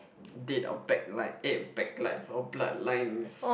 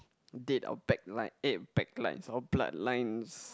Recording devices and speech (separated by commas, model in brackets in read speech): boundary microphone, close-talking microphone, conversation in the same room